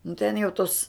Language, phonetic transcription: Lithuanian, nu ten jau ˈtos

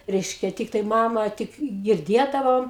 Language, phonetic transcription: Lithuanian, ˈreiškia ˈtiktai ˈmama tik girˈdiedavom

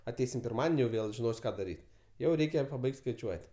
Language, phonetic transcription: Lithuanian, aˈteisim pirˈmadeni jau ˈvėl žiˈnos' ˈką daˈryt' ˈjau ˈreikia paˈbaigt' skaiˈčiuot'

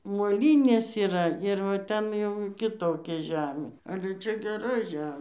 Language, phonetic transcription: Lithuanian, moˈlynės yˈra ˈir ˈten jau kiˈtokia ˈžemė ˈale ˈčia geˈra ˈžemė

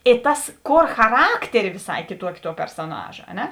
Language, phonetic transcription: Lithuanian, i ˈtas ˈkor chaˈrakteri viˈsai kiˈtuoki tuo persoˈnaža a ˈne

